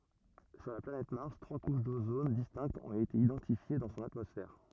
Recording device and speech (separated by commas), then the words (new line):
rigid in-ear microphone, read sentence
Sur la planète Mars, trois couches d'ozone distinctes ont été identifiées dans son atmosphère.